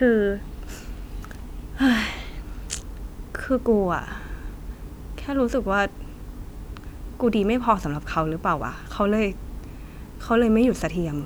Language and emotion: Thai, frustrated